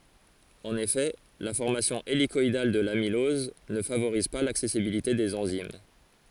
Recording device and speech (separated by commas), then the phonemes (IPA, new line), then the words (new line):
forehead accelerometer, read sentence
ɑ̃n efɛ la fɔʁmasjɔ̃ elikɔidal də lamilɔz nə favoʁiz pa laksɛsibilite dez ɑ̃zim
En effet, la formation hélicoïdale de l'amylose ne favorise pas l'accessibilité des enzymes.